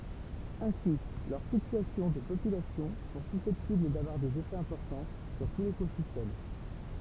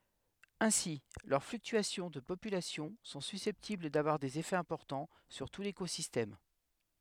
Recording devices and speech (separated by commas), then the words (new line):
temple vibration pickup, headset microphone, read sentence
Ainsi, leurs fluctuations de population sont susceptibles d'avoir des effets importants sur tout l'écosystème.